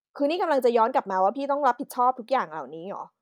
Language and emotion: Thai, angry